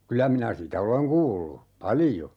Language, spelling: Finnish, kyllä minä sitä olen kuullut paljon
- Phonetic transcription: 'kyllä minä "sitä oleŋ 'kuullu , "palijo .

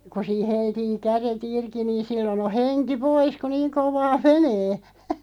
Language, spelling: Finnish, kun siinä heltiää kädet irti niin silloin on henki pois kun niin kovaa menee
- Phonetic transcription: ku sii 'heltii 'käre"t ‿irki niin̬ 'sillon ‿o 'heŋki "pois ku "niiŋ 'kovaa "menee .

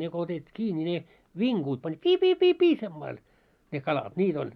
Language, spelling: Finnish, ne kun otetaan kiinni niin ne vinkuvat pani pii pii pii pii sillä lailla ne kalat niitä oli
- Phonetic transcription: ne ko otetᵗⁱ 'kii ńi ne , 'viŋkuut pań 'pii 'pii 'pii 'pii semmail , ne 'kalat 'niit oĺ .

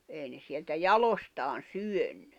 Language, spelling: Finnish, ei ne sieltä jaloistaan syönyt
- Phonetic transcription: 'èi ne sieltä "jalostaan "syönɴʏ .

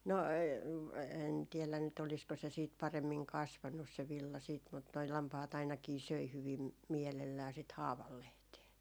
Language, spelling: Finnish, no en tiedä nyt olisiko se sitten paremmin kasvanut se villa sitten mutta nuo lampaat ainakin söi hyvin mielellään sitä haavanlehteä
- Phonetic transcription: 'no , en tiɛlän nyt , olisko se siit 'paremmiŋ "kasvannus se 'villa siit mut noi 'lampahat ainakii 'söi 'hyvim , 'miɛlellää sit "haavallehtee .

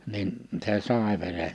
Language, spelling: Finnish, niin se sai veren
- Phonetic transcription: nin , se "sàe 'vere .

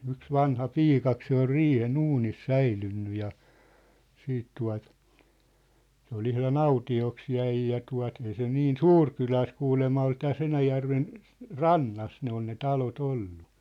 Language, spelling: Finnish, yksi vanhapiika se oli riihen uunissa säilynyt ja sitten tuota se oli ihan autioksi jäi ja tuo ei se niin suuri kylä ole se kuulemma oli tässä Enäjärven rannassa ne on ne talot ollut
- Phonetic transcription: 'yks "vanha"piikak se ‿ol "riihe"n ‿uunis "säilynny ja , 'siit tua̭t , se ‿ol 'ihla"n ‿auti₍oks 'jäi ja 'tua̭t , ei se 'niin "suur kylä o sᵉ 'kuulemma ol 'täs 'Enäjärven , "rannas ne ‿on ne 'talo't ‿ollu .

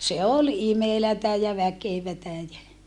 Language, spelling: Finnish, se oli imelää ja väkevää ja
- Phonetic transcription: se ol imelätä ja väkevätä jä , .

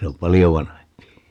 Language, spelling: Finnish, se on paljon vanhempi
- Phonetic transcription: 'se om "palijo 'vanahempi .

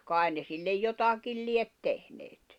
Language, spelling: Finnish, kai ne sille jotakin lie tehneet
- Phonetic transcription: 'kài̬n ne sillej 'jotakil liet 'tehneet .

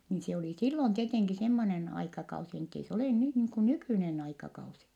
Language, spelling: Finnish, niin se oli silloin tietenkin semmoinen aikakausi niin että ei se ole nyt niin kuin nykyinen aikakausi
- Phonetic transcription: niin se oli sillon tieteŋki semmonen aikakausi n ‿ettei se olè nyh niiŋ ku nykỳnen ‿aikakausi .

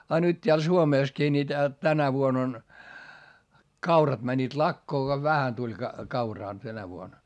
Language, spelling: Finnish, ja nyt täällä Suomessakin niin - tänä vuonna on kaurat menivät lakoon kun vähän tuli - kauraa tänä vuonna
- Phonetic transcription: a nyt t́eäl Suomèskii ni tä- , tänä vuon ‿on , kaurat mäńńiit lakkoo ko vähän tuĺ ka- , kauraa tänä vuon .

